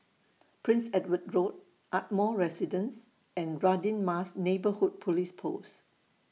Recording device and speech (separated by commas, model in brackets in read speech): mobile phone (iPhone 6), read sentence